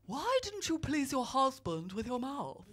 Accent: posh accent